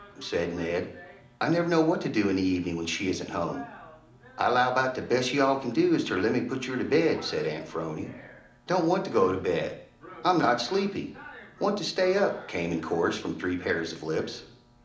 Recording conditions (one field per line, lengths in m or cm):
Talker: one person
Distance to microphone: 2.0 m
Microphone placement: close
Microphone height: 99 cm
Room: medium-sized (5.7 m by 4.0 m)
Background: television